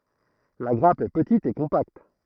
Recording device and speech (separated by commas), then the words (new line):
throat microphone, read sentence
La grappe est petite et compacte.